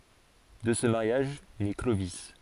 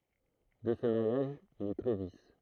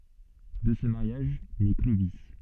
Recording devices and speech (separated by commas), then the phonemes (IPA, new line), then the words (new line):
forehead accelerometer, throat microphone, soft in-ear microphone, read sentence
də sə maʁjaʒ nɛ klovi
De ce mariage naît Clovis.